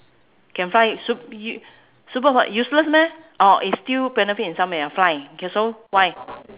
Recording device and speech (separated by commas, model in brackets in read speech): telephone, conversation in separate rooms